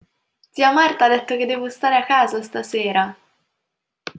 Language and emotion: Italian, happy